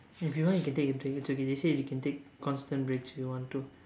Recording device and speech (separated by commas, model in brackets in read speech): standing microphone, conversation in separate rooms